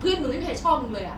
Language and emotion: Thai, frustrated